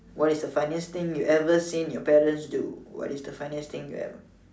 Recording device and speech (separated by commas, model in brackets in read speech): standing microphone, conversation in separate rooms